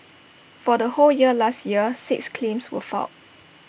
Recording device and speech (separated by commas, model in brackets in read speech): boundary microphone (BM630), read sentence